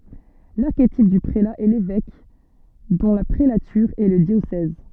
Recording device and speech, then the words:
soft in-ear microphone, read sentence
L'archétype du prélat est l'évêque, dont la prélature est le diocèse.

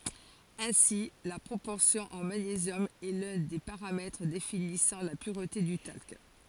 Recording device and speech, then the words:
forehead accelerometer, read sentence
Ainsi, la proportion en magnésium est l'un des paramètres définissant la pureté du talc.

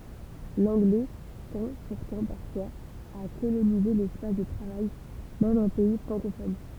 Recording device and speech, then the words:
temple vibration pickup, read sentence
L'anglais tend pourtant parfois à coloniser l'espace de travail, même en pays francophone.

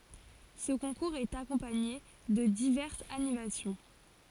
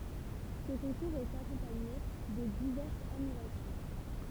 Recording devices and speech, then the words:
forehead accelerometer, temple vibration pickup, read sentence
Ce concours est accompagné de diverses animations.

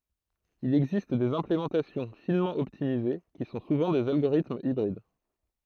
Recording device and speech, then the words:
throat microphone, read sentence
Il existe des implémentations finement optimisées, qui sont souvent des algorithmes hybrides.

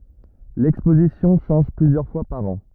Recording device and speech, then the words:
rigid in-ear microphone, read sentence
L’exposition change plusieurs fois par an.

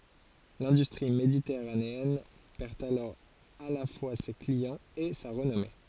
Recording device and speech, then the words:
forehead accelerometer, read sentence
L’industrie méditerranéenne perd alors à la fois ses clients et sa renommée.

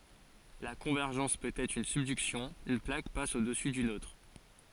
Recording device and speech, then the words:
forehead accelerometer, read sentence
La convergence peut être une subduction, une plaque passe au-dessous d'une autre.

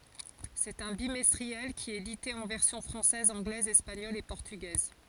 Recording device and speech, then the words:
forehead accelerometer, read sentence
C'est un bimestriel, qui est édité en versions française, anglaise, espagnole et portugaise.

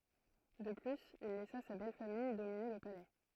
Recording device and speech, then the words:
throat microphone, read sentence
De plus, il laissa sa belle-famille dominer le Palais.

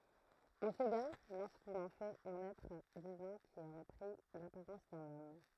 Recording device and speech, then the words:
throat microphone, read sentence
On s'égare lorsqu'on en fait un être divin qui aurait pris l'apparence d'un homme.

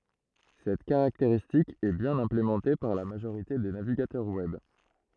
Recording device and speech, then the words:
throat microphone, read sentence
Cette caractéristique est bien implémentée par la majorité des navigateurs web.

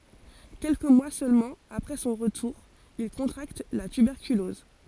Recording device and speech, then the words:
forehead accelerometer, read sentence
Quelques mois seulement après son retour, il contracte la tuberculose.

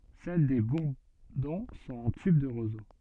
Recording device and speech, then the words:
soft in-ear microphone, read sentence
Celles des bourdons sont en tube de roseau.

